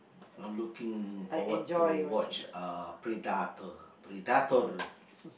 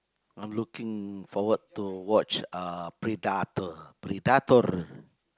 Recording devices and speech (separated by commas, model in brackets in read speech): boundary microphone, close-talking microphone, conversation in the same room